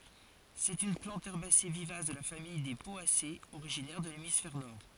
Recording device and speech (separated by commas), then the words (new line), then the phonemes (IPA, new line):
forehead accelerometer, read sentence
C'est une plante herbacée vivace de la famille des Poacées, originaire de l'hémisphère Nord.
sɛt yn plɑ̃t ɛʁbase vivas də la famij de pɔasez oʁiʒinɛʁ də lemisfɛʁ nɔʁ